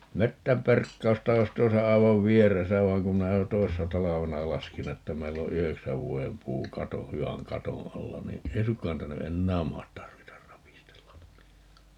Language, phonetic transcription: Finnish, 'mettämperkkausta 'oi̮s 'tuosa 'aivav "vieresä 'vaiŋ kum 'minä jo "toissa 'talavena 'laskin ‿että 'meill ‿o "yheksäv 'vuojem 'puu 'kato , 'hy₍äŋ "katoo̰ 'alla ni , "ei suŋkkaa 'niitä ny "ennääm 'mahat 'tarvitar 'rapistellan (ni) .
- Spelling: metsänperkausta olisi tuossa aivan vieressä vaan kun minä jo toissa talvena laskin että meillä on yhdeksän vuoden puu katon hyvän katon alla niin ei suinkaan niitä nyt enää mahda tarvita rapistella niin

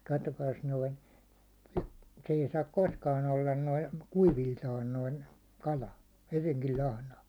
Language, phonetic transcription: Finnish, 'kattokaas noin , se ei saak 'koskan ‿ollan noin̬ , 'kuiviltaan noin̬ , 'kala , hyviŋkil 'lahna .
- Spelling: katsokaas noin se ei saa koskaan olla noin kuiviltaan noin kala hyvinkin lahna

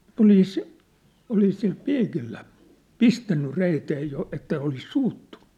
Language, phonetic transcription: Finnish, olìs , olis sil "piikillä , "pistänny "reitee jo että olis 'suuttuɴ̆ɴᴜ .
- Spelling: olisi olisi sillä piikillä pistänyt reiteen jo että olisi suuttunut

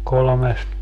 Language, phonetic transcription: Finnish, 'kolomest ,.
- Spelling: kolmesti

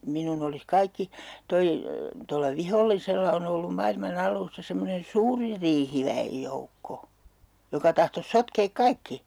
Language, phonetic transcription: Finnish, 'minun ‿olis "kaikki , 'toi , tolla "vihollisella on ‿ollum 'mailma'n ‿al̀uusta semmonen "suuri 'riihiväang1035₍ej joukko , 'joka tahtos 'sotkeek "kaikki .
- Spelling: minun olisi kaikki tuo tuolla vihollisella on ollut maailman alusta semmoinen suuri riihiväen joukko joka tahtoisi sotkea kaikki

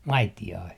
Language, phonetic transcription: Finnish, "maiti₍ai .
- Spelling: maitiainen

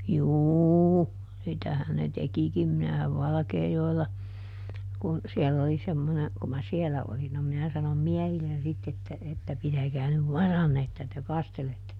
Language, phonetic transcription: Finnish, "juuu , ˈsitähän ne ˈtekikim - minähäv "Valᵃkeejoella , kun , ˈsiɛll ‿oli ˈsemmone , ku mä "sielä olin - no ˈminä sanom "miɛhillen sitt ‿että että » ˈpitäkää nyv "varanne että te ˈkastelette » ,.
- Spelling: juu sitähän ne tekikin minähän Valkeajoella kun siellä oli semmoinen kun minä siellä olin no minä sanoin miehille sitten että että pitäkää nyt varanne että te kastelette

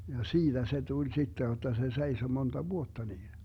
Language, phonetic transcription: Finnish, ja 'siiDä se 'tuĺ 'sitte jotta se 'seiso 'monta "vuotta niin .
- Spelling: ja siitä se tuli sitten jotta se seisoi monta vuotta niin

